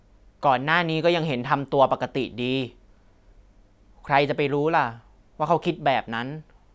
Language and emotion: Thai, neutral